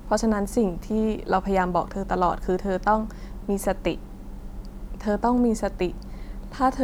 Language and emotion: Thai, frustrated